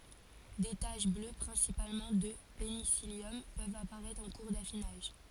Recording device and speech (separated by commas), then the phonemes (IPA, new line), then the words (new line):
forehead accelerometer, read sentence
de taʃ blø pʁɛ̃sipalmɑ̃ də penisiljɔm pøvt apaʁɛtʁ ɑ̃ kuʁ dafinaʒ
Des taches bleues, principalement de pénicillium, peuvent apparaître en cours d’affinage.